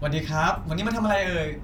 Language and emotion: Thai, happy